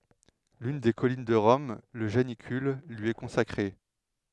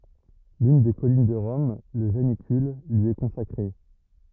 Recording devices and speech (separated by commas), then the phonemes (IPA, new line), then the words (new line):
headset microphone, rigid in-ear microphone, read sentence
lyn de kɔlin də ʁɔm lə ʒanikyl lyi ɛ kɔ̃sakʁe
L'une des collines de Rome, le Janicule, lui est consacrée.